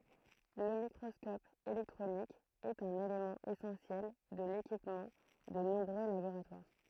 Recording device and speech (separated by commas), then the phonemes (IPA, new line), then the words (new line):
throat microphone, read sentence
lə mikʁɔskɔp elɛktʁonik ɛt œ̃n elemɑ̃ esɑ̃sjɛl də lekipmɑ̃ də nɔ̃bʁø laboʁatwaʁ
Le microscope électronique est un élément essentiel de l'équipement de nombreux laboratoires.